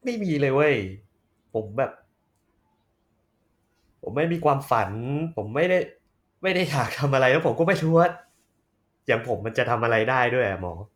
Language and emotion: Thai, frustrated